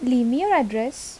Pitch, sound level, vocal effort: 255 Hz, 79 dB SPL, normal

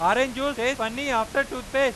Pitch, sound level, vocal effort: 260 Hz, 104 dB SPL, very loud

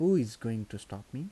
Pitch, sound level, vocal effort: 115 Hz, 83 dB SPL, soft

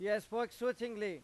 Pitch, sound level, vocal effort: 220 Hz, 98 dB SPL, very loud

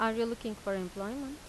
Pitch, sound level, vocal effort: 225 Hz, 87 dB SPL, normal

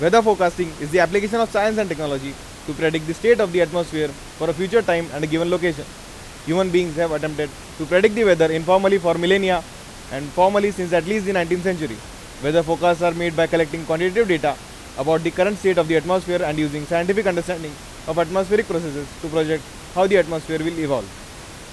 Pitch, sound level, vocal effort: 170 Hz, 96 dB SPL, very loud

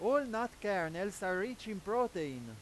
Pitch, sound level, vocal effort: 200 Hz, 99 dB SPL, very loud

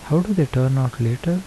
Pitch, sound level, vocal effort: 140 Hz, 74 dB SPL, soft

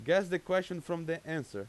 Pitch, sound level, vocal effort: 175 Hz, 94 dB SPL, very loud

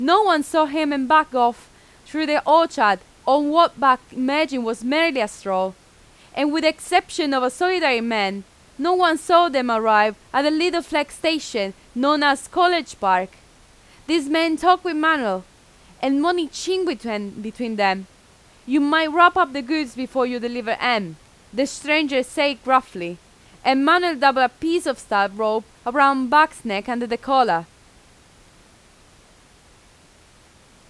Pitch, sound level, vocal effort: 260 Hz, 92 dB SPL, very loud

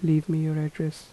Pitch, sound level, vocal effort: 155 Hz, 78 dB SPL, soft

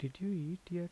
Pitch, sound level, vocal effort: 175 Hz, 76 dB SPL, soft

